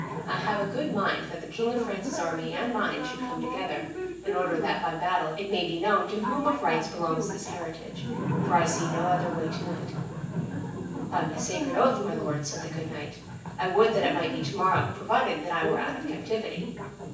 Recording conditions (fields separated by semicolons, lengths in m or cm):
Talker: one person; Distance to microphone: 9.8 m; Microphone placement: far; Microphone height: 1.8 m; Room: large; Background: television